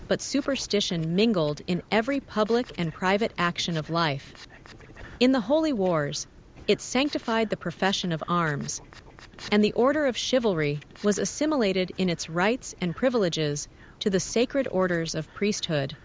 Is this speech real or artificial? artificial